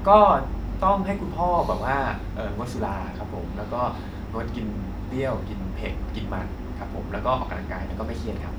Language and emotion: Thai, neutral